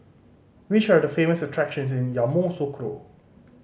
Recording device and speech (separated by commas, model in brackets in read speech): mobile phone (Samsung C5010), read sentence